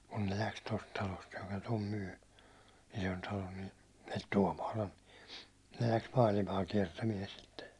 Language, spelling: Finnish, kun ne lähti tuosta talosta joka tuon myi Isontalon niin - Tuomaalan ne lähti maailmaa kiertämään sitten
- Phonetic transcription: kun ne 'läks 'tost talost joka tom myy , 'Isontalon ni , el- Tuåmaa'lan , ne läks 'maalimaa 'kiɛrtämiɛn sitte .

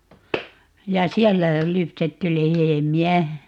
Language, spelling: Finnish, ja siellä lypsetty lehmiä
- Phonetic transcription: ja "siɛllä , 'lypsetty "lehemi₍"ä .

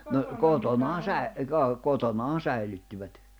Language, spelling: Finnish, no kotonaan - - kotonaan säilyttivät
- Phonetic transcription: no , 'kotonaan̬ 'säi̬- , ka- , 'kotonaan̬ 'säilyttivät .

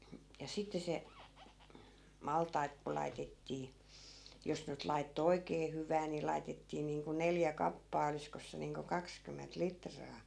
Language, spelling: Finnish, ja sitten se maltaita kun laitettiin jos nyt laittoi oikein hyvää niin laitettiin niin kuin neljä kappaa olisikos se niin kuin kaksikymmentä litraa
- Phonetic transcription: ja 'sitte se , 'maltai̮t ku 'laitettii , 'jos nyt laitto "oikee 'hyvää ni 'lai̮tettii niiŋku 'neljä 'kappaa 'oliskos se niiŋko "kakskymment "litraa .

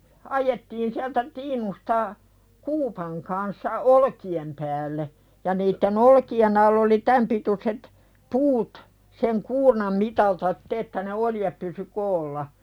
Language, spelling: Finnish, ajettiin sieltä tiinusta kuupan kanssa olkien päälle ja niiden olkien alla oli tämän pituiset puut sen kuurnan mitalta sitten että ne oljet pysyi koolla
- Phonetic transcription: 'ajettiin siältä "tiinusta , 'kuupaŋ kanssa "olki₍em päälle , ja niitte'n ‿olki₍en ‿all ‿oli "täm pituset , 'puut , seŋ "kuurnam 'mitalta [sit]t ‿että ne "olijep pysy 'koolla .

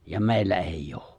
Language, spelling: Finnish, ja meillä ei ole
- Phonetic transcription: ja "mè̬i̬llä 'eij"j ‿ᴏᴏ !

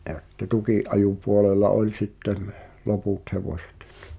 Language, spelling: Finnish, ja sitten tukinajopuolella oli sitten loput hevoset
- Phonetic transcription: ’jä [si]tte "tukì’’ajupuolela 'oĺ sittem , 'loput hevośᴇt .

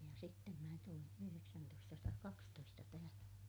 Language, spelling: Finnish, ja sitten minä tulin yhdeksäntoistasataakaksitoista tähän
- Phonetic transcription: ja sittem mä tulin , yhyreksäntoistasataakakstoista tähän̬ .

